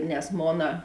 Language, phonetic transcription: Lithuanian, nes ˈmona

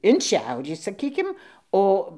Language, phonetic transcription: Lithuanian, in ˈšiaurį saˈkykim ˈo

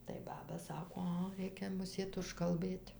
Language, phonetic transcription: Lithuanian, tai ˈbaba ˈsako ˈa ˈreikia muˈsėt užkalˈbɘt'

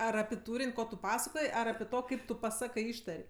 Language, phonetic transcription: Lithuanian, ˈar api ˈtūrin' ˈko tu ˈpasakoj ˈar api ˈto ˈkaip tu paˈsakɜ ˈištar'

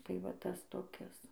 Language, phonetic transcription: Lithuanian, tai ˈvat ˈtas toˈkis

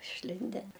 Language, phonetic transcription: Lithuanian, išˈlinden

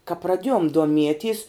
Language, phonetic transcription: Lithuanian, ka praˈdiejom duoˈmieties

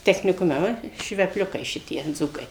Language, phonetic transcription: Lithuanian, techniˈkume ˈva švepˈliukai ˈšitie ˈdzūkai

